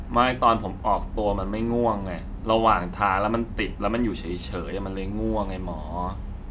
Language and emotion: Thai, frustrated